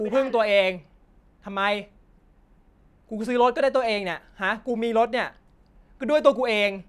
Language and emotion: Thai, angry